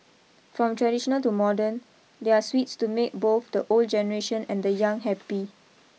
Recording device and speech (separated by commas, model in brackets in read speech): mobile phone (iPhone 6), read sentence